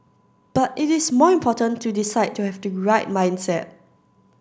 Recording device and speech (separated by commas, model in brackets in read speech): standing microphone (AKG C214), read sentence